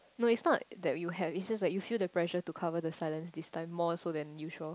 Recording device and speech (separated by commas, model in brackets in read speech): close-talking microphone, conversation in the same room